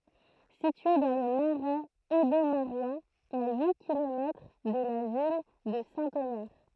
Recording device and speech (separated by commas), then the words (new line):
throat microphone, read sentence
Située dans le Marais audomarois, à huit kilomètres de la ville de Saint-Omer.